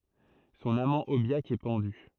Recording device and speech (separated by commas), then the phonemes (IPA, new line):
throat microphone, read sentence
sɔ̃n amɑ̃ objak ɛ pɑ̃dy